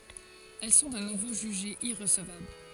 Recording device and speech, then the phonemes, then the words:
forehead accelerometer, read sentence
ɛl sɔ̃ də nuvo ʒyʒez iʁəsəvabl
Elles sont de nouveau jugées irrecevables.

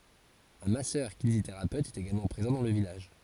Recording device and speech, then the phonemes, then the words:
forehead accelerometer, read sentence
œ̃ masœʁkineziteʁapøt ɛt eɡalmɑ̃ pʁezɑ̃ dɑ̃ lə vilaʒ
Un Masseur-kinésithérapeute est également présent dans le village.

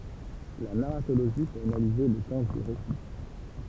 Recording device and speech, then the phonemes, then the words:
temple vibration pickup, read sentence
la naʁatoloʒi pøt analize lə tɑ̃ dy ʁesi
La narratologie peut analyser le temps du récit.

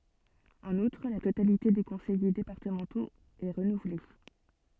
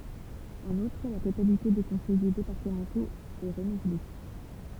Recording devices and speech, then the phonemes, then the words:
soft in-ear microphone, temple vibration pickup, read sentence
ɑ̃n utʁ la totalite de kɔ̃sɛje depaʁtəmɑ̃toz ɛ ʁənuvle
En outre, la totalité des conseillers départementaux est renouvelée.

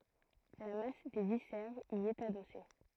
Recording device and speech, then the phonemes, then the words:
throat microphone, read sentence
la mas de visɛʁz i ɛt adɔse
La masse des viscères y est adossée.

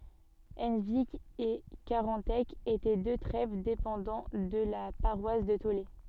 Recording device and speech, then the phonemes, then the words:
soft in-ear microphone, read sentence
ɑ̃vik e kaʁɑ̃tɛk etɛ dø tʁɛv depɑ̃dɑ̃ də la paʁwas də tole
Henvic et Carantec étaient deux trèves dépendant de la paroisse de Taulé.

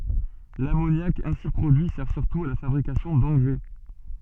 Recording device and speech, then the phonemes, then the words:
soft in-ear microphone, read sentence
lamonjak ɛ̃si pʁodyi sɛʁ syʁtu a la fabʁikasjɔ̃ dɑ̃ɡʁɛ
L'ammoniac ainsi produit sert surtout à la fabrication d'engrais.

